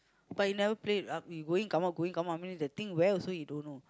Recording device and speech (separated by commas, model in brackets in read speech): close-talking microphone, conversation in the same room